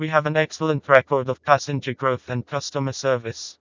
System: TTS, vocoder